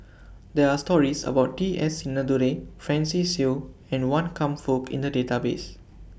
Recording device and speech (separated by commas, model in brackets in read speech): boundary microphone (BM630), read sentence